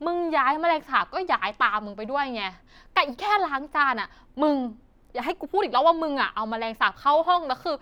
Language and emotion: Thai, frustrated